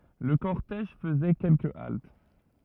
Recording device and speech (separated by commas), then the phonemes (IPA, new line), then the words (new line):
rigid in-ear microphone, read sentence
lə kɔʁtɛʒ fəzɛ kɛlkə alt
Le cortège faisait quelques haltes.